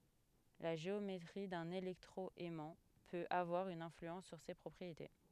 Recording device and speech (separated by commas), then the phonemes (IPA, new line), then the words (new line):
headset microphone, read sentence
la ʒeometʁi dœ̃n elɛktʁo ɛmɑ̃ pøt avwaʁ yn ɛ̃flyɑ̃s syʁ se pʁɔpʁiete
La géométrie d’un électro-aimant peut avoir une influence sur ses propriétés.